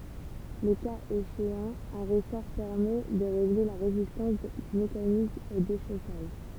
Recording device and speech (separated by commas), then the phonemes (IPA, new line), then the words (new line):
temple vibration pickup, read sentence
lə kaz eʃeɑ̃ œ̃ ʁəsɔʁ pɛʁmɛ də ʁeɡle la ʁezistɑ̃s dy mekanism o deʃosaʒ
Le cas échéant, un ressort permet de régler la résistance du mécanisme au déchaussage.